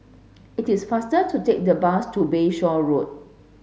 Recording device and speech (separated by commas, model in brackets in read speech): mobile phone (Samsung S8), read sentence